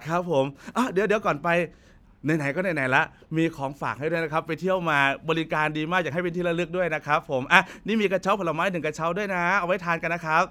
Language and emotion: Thai, happy